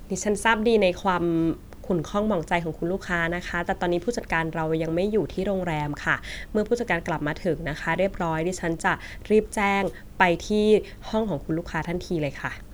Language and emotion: Thai, neutral